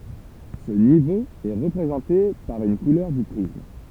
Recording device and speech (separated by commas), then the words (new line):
temple vibration pickup, read sentence
Ce niveau est représenté par une couleur du prisme.